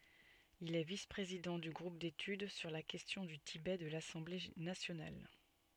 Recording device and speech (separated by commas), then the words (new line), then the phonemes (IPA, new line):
soft in-ear microphone, read sentence
Il est vice-président du groupe d'études sur la question du Tibet de l'Assemblée nationale.
il ɛ vis pʁezidɑ̃ dy ɡʁup detyd syʁ la kɛstjɔ̃ dy tibɛ də lasɑ̃ble nasjonal